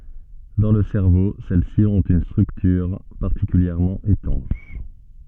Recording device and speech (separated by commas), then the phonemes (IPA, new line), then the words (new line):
soft in-ear microphone, read sentence
dɑ̃ lə sɛʁvo sɛl si ɔ̃t yn stʁyktyʁ paʁtikyljɛʁmɑ̃ etɑ̃ʃ
Dans le cerveau, celles-ci ont une structure particulièrement étanche.